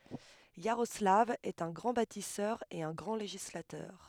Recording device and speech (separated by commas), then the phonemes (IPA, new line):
headset microphone, read sentence
jaʁɔslav ɛt œ̃ ɡʁɑ̃ batisœʁ e œ̃ ɡʁɑ̃ leʒislatœʁ